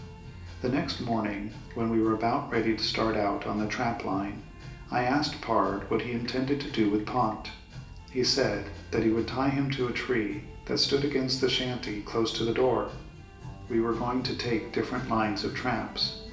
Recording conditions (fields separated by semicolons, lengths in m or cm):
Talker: one person; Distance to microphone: 1.8 m; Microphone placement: close; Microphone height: 1.0 m; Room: large; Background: music